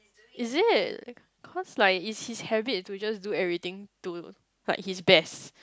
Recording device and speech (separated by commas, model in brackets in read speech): close-talking microphone, conversation in the same room